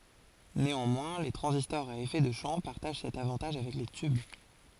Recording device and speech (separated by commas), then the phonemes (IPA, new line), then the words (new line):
forehead accelerometer, read sentence
neɑ̃mwɛ̃ le tʁɑ̃zistɔʁz a efɛ də ʃɑ̃ paʁtaʒ sɛt avɑ̃taʒ avɛk le tyb
Néanmoins, les transistors à effet de champ partagent cet avantage avec les tubes.